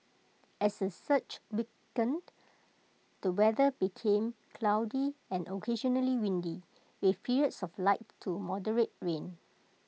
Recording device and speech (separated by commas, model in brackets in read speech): mobile phone (iPhone 6), read sentence